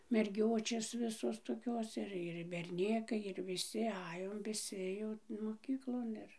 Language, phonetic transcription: Lithuanian, merˈgiočės ˈvisos toˈkios ˈir ir berˈnėkai ir viˈsi ˈajom viˈsi jau moˈkyklon ir

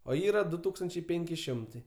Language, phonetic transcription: Lithuanian, o ˈyra ˈdu ˈtūkstančiai ˈpėnki ˈšimtai

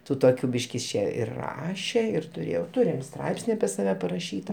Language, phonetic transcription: Lithuanian, ˈtų toˈkių ˈbyšk is ˈčė ir ˈraše ir tuˈrėjau ˈturim ˈstraipsni apie saˈve paraˈšyta

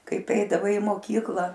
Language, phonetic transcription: Lithuanian, ˈkaip ˈeidavai i moˈkykla

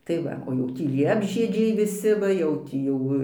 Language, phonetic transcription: Lithuanian, tai ˈva o ˈjau ˈtį liepžiedžiai viˈsi ˈva jau ˈtį jau

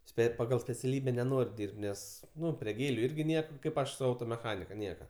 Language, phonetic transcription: Lithuanian, ˈspėt' paˈgal speciaˈlybe neˈnor' ˈdyrb't' ˈnes ˈnu prie ˈgėliu ˈirgi ˈnieka ˈkaip ˈaš su ˈautomeˌchanika ˈnieka

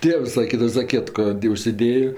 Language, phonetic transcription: Lithuanian, ˈtėvs saˈkydava zaˈkietko ti ˈužsiˈdėjo

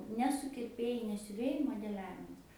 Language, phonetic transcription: Lithuanian, ne sukirˈpėjai ne siuˈvėjai modeˈliavimas

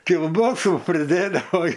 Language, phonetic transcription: Lithuanian, kilˈbosų priˈdėdavo

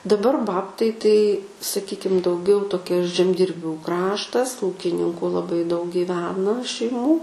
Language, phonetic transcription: Lithuanian, daˈbar ˈbabtai ˈtai saˈkykim dauˈgiau toˈkia žemdirˈbių ˈkraštas ˈūkininku laˈbai daug gyˈvena šeiˈmų

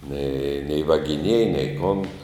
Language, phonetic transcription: Lithuanian, nei nei vagiˈnieja nei kun

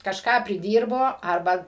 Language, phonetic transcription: Lithuanian, kažˈką priˈdyrbo ˈarba

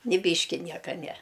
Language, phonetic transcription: Lithuanian, ni ˈbyški ˈnieka ne

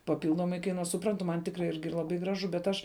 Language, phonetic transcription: Lithuanian, paˈpildomai kaiˈnuos suˈprantu man ˈtikrai ˈirgi ˈlaˌbai ˈgraˌžu bet ˈaš

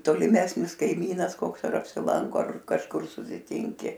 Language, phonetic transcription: Lithuanian, toliˈmesnis kaiˈmynas ˈkoks ar apsiˈlanko ar kažˈkur susiˈtinki

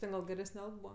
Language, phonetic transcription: Lithuanian, ˈten gal geˈresne ˈalg ˈbūva

